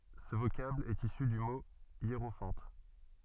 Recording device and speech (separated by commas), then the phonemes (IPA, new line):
soft in-ear microphone, read sentence
sə vokabl ɛt isy dy mo jeʁofɑ̃t